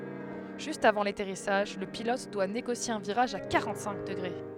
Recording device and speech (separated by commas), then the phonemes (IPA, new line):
headset microphone, read sentence
ʒyst avɑ̃ latɛʁisaʒ lə pilɔt dwa neɡosje œ̃ viʁaʒ a kaʁɑ̃tsɛ̃k dəɡʁe